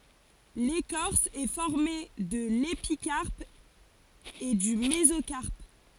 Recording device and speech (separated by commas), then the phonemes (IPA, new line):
forehead accelerometer, read sentence
lekɔʁs ɛ fɔʁme də lepikaʁp e dy mezokaʁp